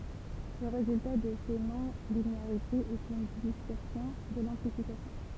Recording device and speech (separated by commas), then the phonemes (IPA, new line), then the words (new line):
temple vibration pickup, read sentence
lə ʁezylta də se nɔ̃lineaʁitez ɛt yn distɔʁsjɔ̃ də lɑ̃plifikasjɔ̃
Le résultat de ces non-linéarités est une distorsion de l'amplification.